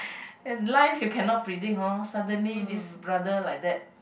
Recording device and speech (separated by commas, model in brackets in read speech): boundary microphone, conversation in the same room